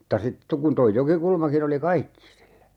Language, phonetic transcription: Finnish, m̥tta 'sit to - kun toi "Jokikulmakin ‿oli "kaikki sillä .
- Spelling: mutta sitten - kun tuo Jokikulmakin oli kaikki sillä

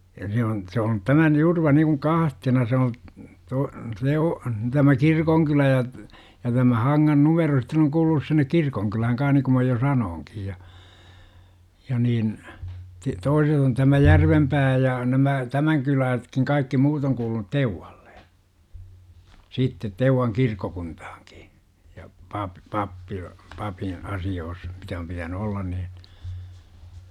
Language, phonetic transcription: Finnish, ja se on , se on 'tämän 'Jurva nikuŋ "kahtena se o , to- , 'se o- , tämä "kirkoŋkylä ja , ja tämä 'Haŋŋan numero sitten ‿oŋ kuulunus sinnek 'kirkoŋkylähäŋ kan̬h niku mä jo 'sa-nooŋkij ja , ja niin , ti - "toiset ‿on tämä "Järvempää ja , 'nämä , "tämäŋ kylääsᵉtkiŋ 'kaikki muut ‿oŋ kuulunut "TeuwaLLE , "siittet 'Teuwaŋ 'kirkkokunthAAKI , ja 'pap- , 'pappil- , 'papiḭ , 'asi₍oos , mitä om pitäny 'ollan niiN , .
- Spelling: ja se on se on tämän Jurva niin kuin kahtena se on - se o tämä kirkonkylä ja ja tämä Hangan numero sitten on kuulunut sinne kirkonkylään kanssa niin kuin minä jo sanoinkin ja ja niin - toiset on tämä Järvenpää ja nämä tämän kylästäkin kaikki muut on kuulunut Teuvalle sitten Teuvan kirkkokuntaankin ja - - papille asioissa mitä on pitänyt olla niin

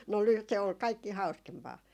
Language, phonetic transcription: Finnish, no ly- , se ol 'kaikki 'hau̬skempaa .
- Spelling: no - se oli kaikki hauskempaa

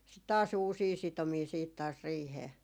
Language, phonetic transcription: Finnish, sit taas "uusii 'sitomii siit taas 'riihee .
- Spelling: sitten taas uusia sitomia sitten taas riiheen

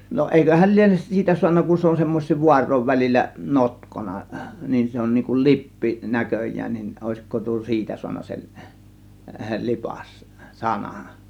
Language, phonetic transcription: Finnish, no 'èiköhäl 'lienes "siitä 'suanna kun se on 'semmoś̆siiv 'vuar̆ròiv välil͕l͕ä , "notkona , niin 'se on niiŋ kun "lippi 'näköj̆jään nin , 'òėsiko tuo "siitä suanna sel , "lipas , "sanAN .
- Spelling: no eiköhän liene siitä saanut kun se on semmoisten vaarojen välillä notkona niin se on niin kuin lippi näköjään niin olisiko tuo siitä saanut sen lipas sanan

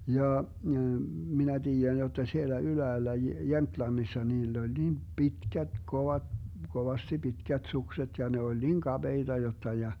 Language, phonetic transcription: Finnish, 'jaa , 'minä 'tiijän jotta 'siellä 'yläällä 'Jemtlannissa 'niill ‿oĺ 'niim "pitkät 'kova- , 'kovasti 'pitkät 'sukset ja 'ne oĺ "niŋ 'kaBeiDa 'jotta ja ,.
- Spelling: jaa minä tiedän jotta siellä ylhäällä Jemtlannissa niillä oli niin pitkät - kovasti pitkät sukset ja ne oli niin kapeita jotta ja

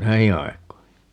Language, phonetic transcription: Finnish, "näihi 'aik̀oi .
- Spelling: näihin aikoihin

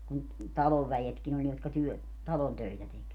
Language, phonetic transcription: Finnish, kun , "talov 'väjetkin ‿oĺ jotka 'työ- , "talon 'töitä tek .
- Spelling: kun talon väetkin oli jotka - talon töitä teki

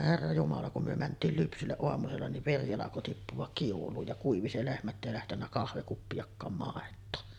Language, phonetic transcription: Finnish, herra jumala kum myö 'mänt̆tiil 'lypsylleˀ ˀoamusella niv "veri alako 'tippuᵛak 'kiul̆luuj ja kuivi se 'lehmä ‿ttä èi lähtennä 'kahvekuppijakkaam 'màet̆too .
- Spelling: herra jumala kun me mentiin lypsylle aamusella niin veri alkoi tippua kiuluun ja kuivui se lehmä että ei lähtenyt kahvikuppiakaan maitoa

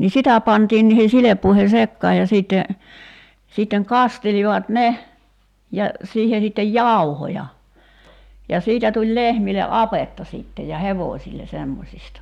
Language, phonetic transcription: Finnish, ni "sitä 'pantiin niihe 'sileppuihe "sekkaaj ja 'siitte , sìtteŋ "kastelivat "ne , ja , 'siihe sittej "jàuhoja , ja 'siitä tuĺ 'lehmile "’apetta sìtte ja 'hevo̳o̳§śille 'semmosista .
- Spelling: niin sitä pantiin niihin silppuihin sekaan ja sitten sitten kastelivat ne ja siihen sitten jauhoja ja siitä tuli lehmille apetta sitten ja hevosille semmoisista

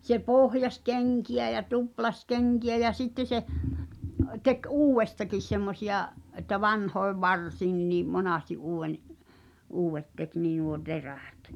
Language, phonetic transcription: Finnish, se "pohjas "keŋki₍ä ja "tuplas "keŋki₍ä ja 'sitte se , 'tek "uuw̆westakis semmosi₍a’ , ’että 'vanhoev "varsiinⁿinii , 'monàsti '’uuw̆wen , "uuw̆vet tek nii nuo "terÄ̀t .
- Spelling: se pohjasi kenkiä ja tuplasi kenkiä ja sitten se teki uudestakin semmoisia että vanhojen varsiinkin monesti uuden uudet teki niin nuo terät

